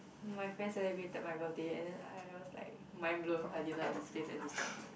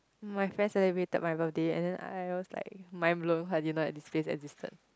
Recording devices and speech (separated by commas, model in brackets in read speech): boundary microphone, close-talking microphone, conversation in the same room